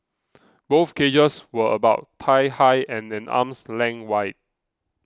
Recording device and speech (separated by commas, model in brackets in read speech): close-talking microphone (WH20), read sentence